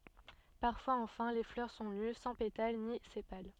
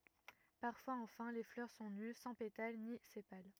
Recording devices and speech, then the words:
soft in-ear microphone, rigid in-ear microphone, read sentence
Parfois enfin, les fleurs sont nues, sans pétales ni sépales.

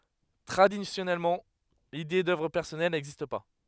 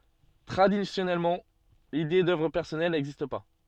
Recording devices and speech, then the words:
headset microphone, soft in-ear microphone, read sentence
Traditionnellement, l'idée d'œuvre personnelle n'existe pas.

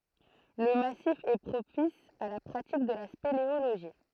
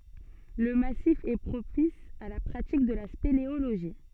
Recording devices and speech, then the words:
throat microphone, soft in-ear microphone, read sentence
Le massif est propice à la pratique de la spéléologie.

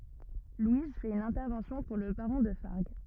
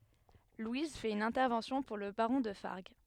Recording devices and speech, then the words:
rigid in-ear microphone, headset microphone, read sentence
Louise fait une intervention pour le baron de Fargues...

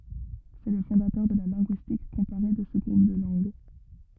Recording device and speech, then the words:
rigid in-ear microphone, read sentence
C'est le fondateur de la linguistique comparée de ce groupe de langues.

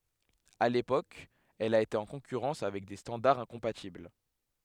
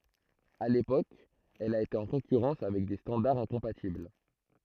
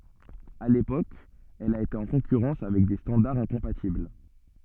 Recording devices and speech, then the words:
headset microphone, throat microphone, soft in-ear microphone, read sentence
À l'époque elle a été en concurrence avec des standards incompatibles.

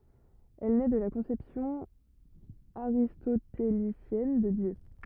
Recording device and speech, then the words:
rigid in-ear microphone, read sentence
Elle naît de la conception aristotélicienne de Dieu.

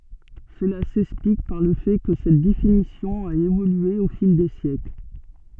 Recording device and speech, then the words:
soft in-ear microphone, read sentence
Cela s'explique par le fait que cette définition a évolué au fil des siècles.

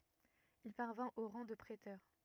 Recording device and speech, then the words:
rigid in-ear microphone, read sentence
Il parvint au rang de préteur.

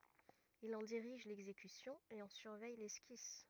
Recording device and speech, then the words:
rigid in-ear microphone, read sentence
Il en dirige l'exécution et en surveille l'esquisse.

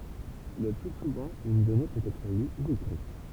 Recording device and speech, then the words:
temple vibration pickup, read sentence
Le plus souvent, une donnée peut être lue ou écrite.

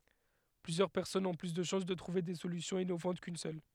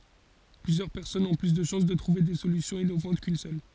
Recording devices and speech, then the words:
headset microphone, forehead accelerometer, read sentence
Plusieurs personnes ont plus de chances de trouver des solutions innovantes qu’une seule.

